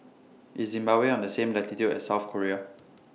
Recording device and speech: mobile phone (iPhone 6), read sentence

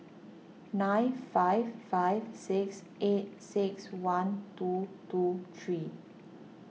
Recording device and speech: mobile phone (iPhone 6), read sentence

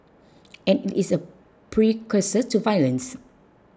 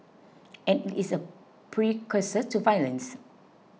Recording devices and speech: close-talking microphone (WH20), mobile phone (iPhone 6), read sentence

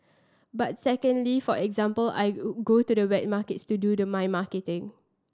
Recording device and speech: standing microphone (AKG C214), read sentence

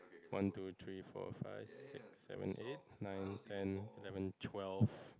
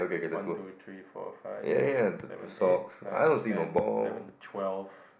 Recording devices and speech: close-talking microphone, boundary microphone, conversation in the same room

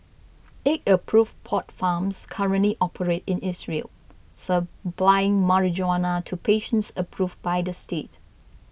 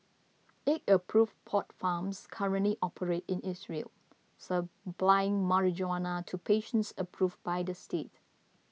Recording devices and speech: boundary microphone (BM630), mobile phone (iPhone 6), read sentence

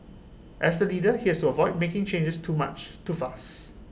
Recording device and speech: boundary microphone (BM630), read sentence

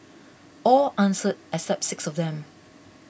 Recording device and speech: boundary microphone (BM630), read sentence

